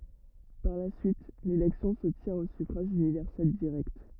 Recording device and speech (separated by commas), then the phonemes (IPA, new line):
rigid in-ear microphone, read sentence
paʁ la syit lelɛksjɔ̃ sə tjɛ̃t o syfʁaʒ ynivɛʁsɛl diʁɛkt